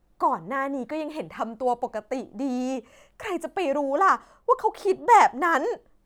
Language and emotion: Thai, frustrated